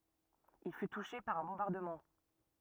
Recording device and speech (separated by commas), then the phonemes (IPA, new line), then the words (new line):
rigid in-ear microphone, read sentence
il fy tuʃe paʁ œ̃ bɔ̃baʁdəmɑ̃
Il fut touché par un bombardement.